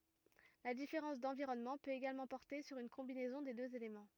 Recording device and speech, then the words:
rigid in-ear microphone, read sentence
La différence d'environnement peut également porter sur une combinaison des deux éléments.

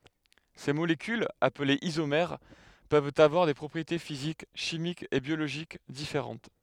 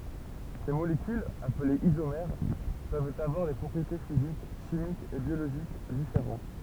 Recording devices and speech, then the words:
headset microphone, temple vibration pickup, read sentence
Ces molécules, appelées isomères, peuvent avoir des propriétés physiques, chimiques et biologiques différentes.

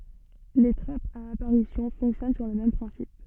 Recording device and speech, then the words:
soft in-ear microphone, read sentence
Les trappes à apparition fonctionnent sur le même principe.

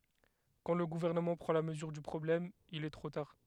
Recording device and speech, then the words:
headset microphone, read sentence
Quand le gouvernement prend la mesure du problème, il est trop tard.

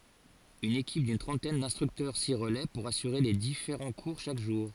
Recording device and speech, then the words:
forehead accelerometer, read sentence
Une équipe d'une trentaine d'instructeurs s'y relaie pour assurer les différents cours chaque jour.

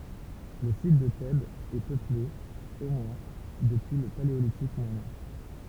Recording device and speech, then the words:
temple vibration pickup, read sentence
Le site de Thèbes est peuplé, au moins, depuis le Paléolithique moyen.

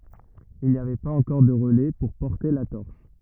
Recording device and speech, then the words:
rigid in-ear microphone, read sentence
Il n'y avait pas encore de relais pour porter la torche.

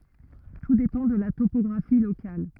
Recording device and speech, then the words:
rigid in-ear microphone, read sentence
Tout dépend de la topographie locale.

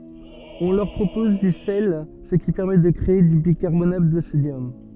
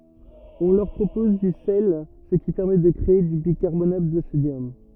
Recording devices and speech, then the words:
soft in-ear microphone, rigid in-ear microphone, read sentence
On leur propose du sel, ce qui permet de créer du bicarbonate de sodium.

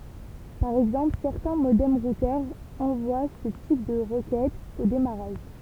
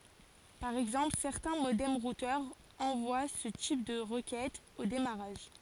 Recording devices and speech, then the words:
temple vibration pickup, forehead accelerometer, read sentence
Par exemple, certains modems-routeurs envoient ce type de requêtes au démarrage.

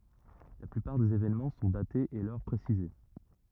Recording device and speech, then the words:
rigid in-ear microphone, read sentence
La plupart des événements sont datés et l'heure précisée.

